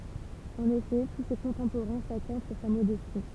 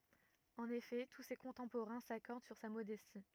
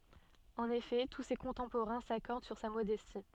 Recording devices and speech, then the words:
temple vibration pickup, rigid in-ear microphone, soft in-ear microphone, read sentence
En effet, tous ses contemporains s'accordent sur sa modestie.

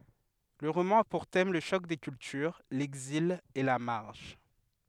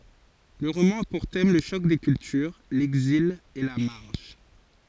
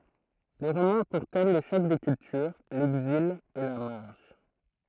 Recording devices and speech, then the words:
headset microphone, forehead accelerometer, throat microphone, read sentence
Le roman a pour thème le choc des cultures, l’exil et la marge.

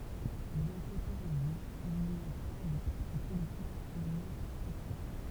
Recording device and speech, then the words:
temple vibration pickup, read sentence
Bien qu’autorisés, il n’y a pas de partis politiques formellement constitués.

